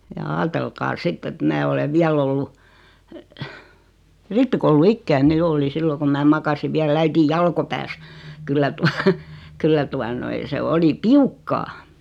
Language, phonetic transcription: Finnish, ja 'aatelkaa "sitt ‿et 'mää olev 'viäl ollu , "rippikoulu'ikkäine 'jo oli 'sillo kum mää 'makasiv viäl 'äitij 'jalkopääs , 'kyllä tua , 'kyllä tua noi se 'oli "piukkaa .
- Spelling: ja ajatelkaa sitten että minä olen vielä ollut rippikouluikäinen jo olin silloin kun minä makasin vielä äitini jalkopäässä kyllä tuota kyllä tuota noin se oli piukkaa

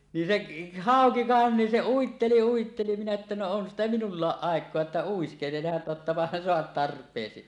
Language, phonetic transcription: Finnish, nin 'seˀ , "hàoki 'vàen nin se 'uitteli 'uitteli minä että » no on sitä "minullaaˀ "ˀàek̀oa 'että 'uiskelehan 'tottapahan 'soat "tarp̀eesi « .
- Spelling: niin se hauki vain niin se uitteli uitteli minä että no on sitä minullakin aikaa että uiskentelehan tottapahan saat tarpeesi

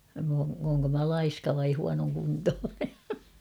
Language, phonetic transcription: Finnish, m ‿oo , ooŋko mä "laiska vai 'huanoŋkuntoone .
- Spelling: minä olen olenko minä laiska vai huonokuntoinen

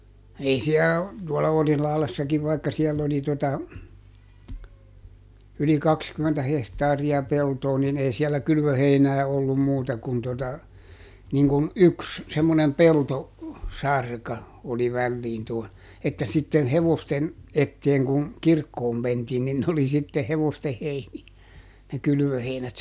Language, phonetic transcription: Finnish, ˈei siä , tuɔla ˈOrihlahlessakiv vaikka ˈsiɛll ‿oli tota , yli "kakskymmentä ˈhehtaari₍a ˈpeltoo nin ˈei siɛllä "kylvöheinää ollum ˈmuuta kun tota , niŋkun "yks , semmonem "pelto- , -ˈsarka , oli ˈvälliin tuon , että sitten "hevosten , ˈetteeŋ kuŋ , "kirkkoom ˈmentiin nin oli sitte ˈhevoste ˈheini₍ä , ne ˈkylʸvöheinät .
- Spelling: ei siellä tuolla Orilahdessakin vaikka siellä oli tuota yli kaksikymmentä hehtaaria peltoa niin ei siellä kylvöheinää ollut muuta kuin tuota niin kun yksi semmoinen - peltosarka oli väliin tuon että sitten hevosten eteen kun kirkkoon mentiin niin oli sitten hevosten heiniä ne kylvöheinät

